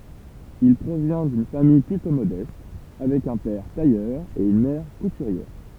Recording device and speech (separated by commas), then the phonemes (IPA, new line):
temple vibration pickup, read sentence
il pʁovjɛ̃ dyn famij plytɔ̃ modɛst avɛk œ̃ pɛʁ tajœʁ e yn mɛʁ kutyʁjɛʁ